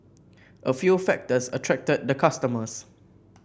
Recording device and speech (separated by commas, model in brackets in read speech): boundary microphone (BM630), read sentence